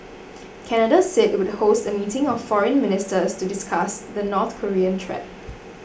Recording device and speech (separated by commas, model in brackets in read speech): boundary microphone (BM630), read sentence